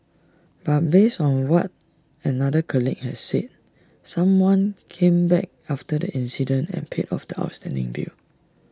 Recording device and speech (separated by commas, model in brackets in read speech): standing microphone (AKG C214), read sentence